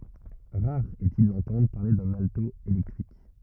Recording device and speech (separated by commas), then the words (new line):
rigid in-ear microphone, read sentence
Rare est-il d'entendre parler d'un alto électrique.